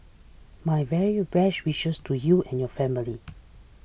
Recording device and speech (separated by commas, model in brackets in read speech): boundary microphone (BM630), read sentence